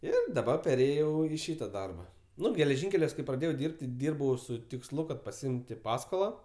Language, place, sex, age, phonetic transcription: Lithuanian, Aukštaitija, male, 18-60, ˈir daˈbar perˈėjau i ˈšyta ˈdarba ˈnu geleˈžinkeliuos kai praˈdėjau ˈdirbt' ti ˈdyrbau su tiksˈlu kad pasiˈimti ˈpaskola

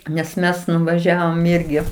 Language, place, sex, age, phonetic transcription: Lithuanian, Aukštaitija, female, 60+, nes ˈmes nuvaˈžiavom ˈirgi

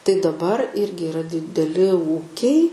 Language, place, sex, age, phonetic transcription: Lithuanian, Aukštaitija, female, 18-60, tai daˈbar ˈirgi iˈra dideˈli ˈūkiai

